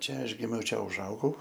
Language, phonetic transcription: Lithuanian, ˈčia ˈaš ˈgimiau ˈčia užˈaugau

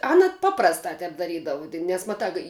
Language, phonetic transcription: Lithuanian, ˈana ˈpaprastā ˈtep daˈrydavu tik nes maˈtā kai

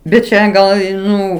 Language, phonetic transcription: Lithuanian, bet ˈčia ˈgal i ˈnu

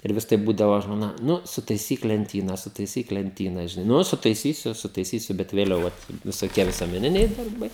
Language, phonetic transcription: Lithuanian, ir ˈvis tai ˈbūdavo žmoˈna ˈnu sutaiˈsyk lenˈtyna sutaiˈsyk lenˈtyna žiˈnai ˈnu sutaiˈsysiu sutaiˈsysiu bet vėˈliau vat visoˈkie visuomeˈniniai darˈbai

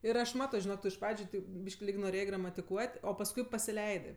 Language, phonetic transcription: Lithuanian, ir ˈaš ˈmato žiˈnok ˈtu iš ˈpradžiu ˈteip ˈbyš'k' lig noˈrėjė gramatiˈkuot' o pasˈkui pasiˈleidɜ

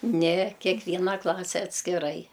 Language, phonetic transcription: Lithuanian, ne kekˈvyna ˈklase atskiˈrai

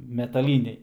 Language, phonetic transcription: Lithuanian, metaˈlyniai

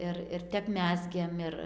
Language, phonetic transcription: Lithuanian, ˈir ir ˈtep ˈmezgėm ˈir

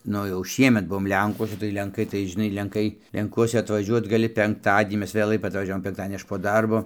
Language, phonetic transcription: Lithuanian, ˈnu jau ˈšiemet ˈbuom ˈlenkuose tai lenˈkai tai žiˈnai lenˈkai lenˈkuose atvaˈžiuot gaˈli penkˈtadienį ˈmes vėˈlai atvaˈžiavom penkˈtadienį ˈaš po ˈdarbo

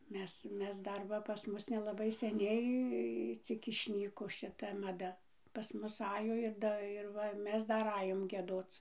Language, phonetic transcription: Lithuanian, ˈmes ˈmes ˈdar ˈva pas ˈmus nelaˈbai seˈniai ˈcik išˈnyko šiˈta maˈda pas ˈmus ˈajo ir ˈda ir ˈva ˈmes ˈdar ˈajom gieˈdoc

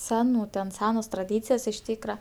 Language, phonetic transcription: Lithuanian, ˈsenų ten ˈsenos traˈdycijos iš ˈtykra

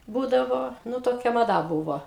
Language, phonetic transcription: Lithuanian, ˈbūdavo ˈnu ˈtokia maˈda ˈbūvo

